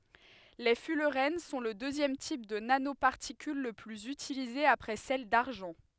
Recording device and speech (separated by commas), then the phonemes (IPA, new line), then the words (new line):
headset microphone, read sentence
le fylʁɛn sɔ̃ lə døzjɛm tip də nanopaʁtikyl lə plyz ytilize apʁɛ sɛl daʁʒɑ̃
Les fullerènes sont le deuxième type de nanoparticules le plus utilisé après celles d’argent.